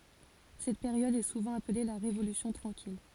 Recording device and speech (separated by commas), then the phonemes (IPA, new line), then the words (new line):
forehead accelerometer, read sentence
sɛt peʁjɔd ɛ suvɑ̃ aple la ʁevolysjɔ̃ tʁɑ̃kil
Cette période est souvent appelée la Révolution tranquille.